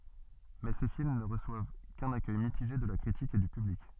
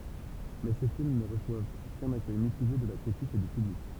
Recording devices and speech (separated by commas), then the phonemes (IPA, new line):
soft in-ear microphone, temple vibration pickup, read sentence
mɛ se film nə ʁəswav kœ̃n akœj mitiʒe də la kʁitik e dy pyblik